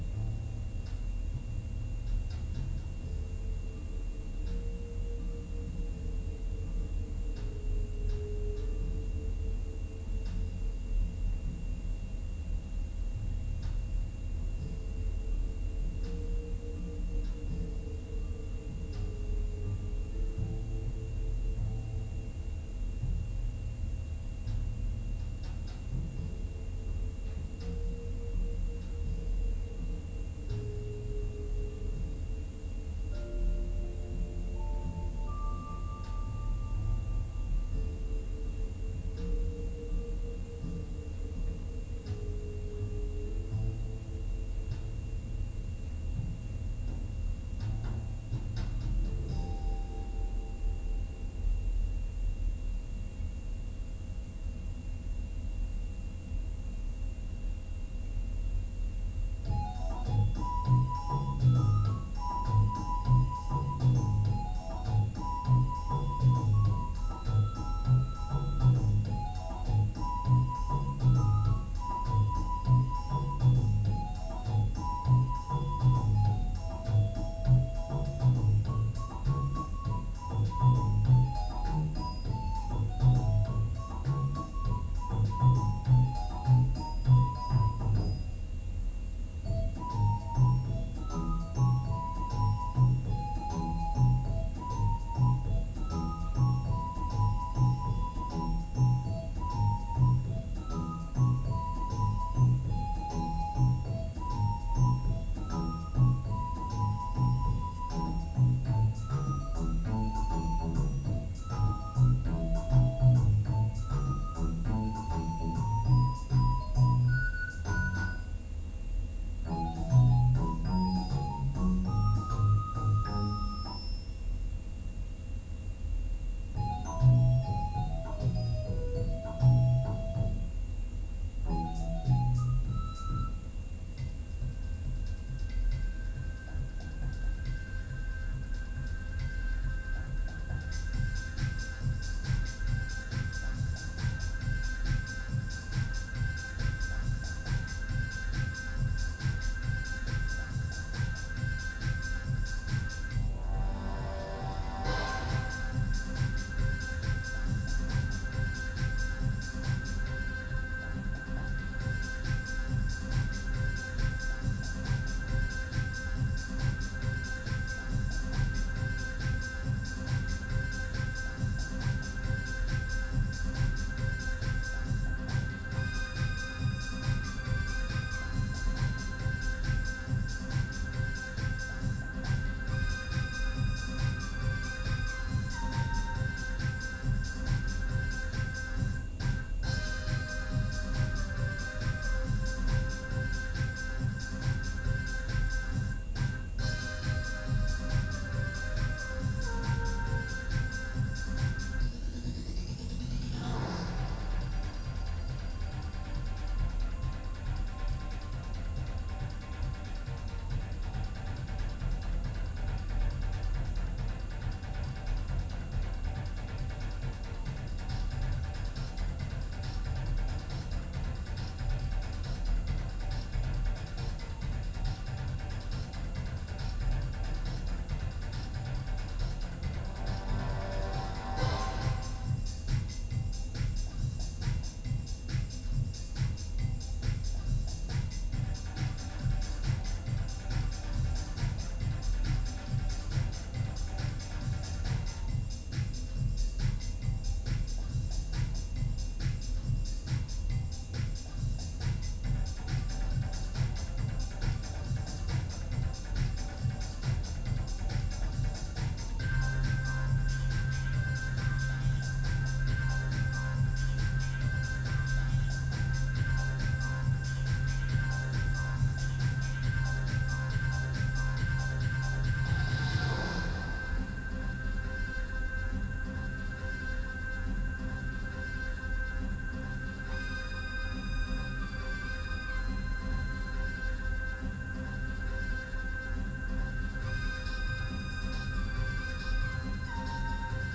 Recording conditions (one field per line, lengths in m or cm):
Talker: no one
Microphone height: 69 cm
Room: large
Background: music